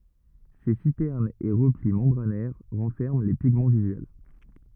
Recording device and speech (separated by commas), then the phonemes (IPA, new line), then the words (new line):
rigid in-ear microphone, read sentence
se sitɛʁnz e ʁəpli mɑ̃bʁanɛʁ ʁɑ̃fɛʁmɑ̃ le piɡmɑ̃ vizyɛl
Ces citernes et replis membranaires renferment les pigments visuels.